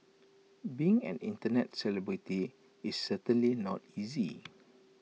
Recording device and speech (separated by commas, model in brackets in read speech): mobile phone (iPhone 6), read sentence